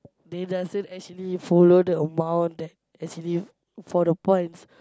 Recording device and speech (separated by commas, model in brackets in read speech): close-talking microphone, conversation in the same room